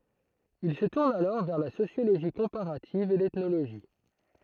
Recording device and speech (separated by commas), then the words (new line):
throat microphone, read sentence
Il se tourne alors vers la sociologie comparative et l'ethnologie.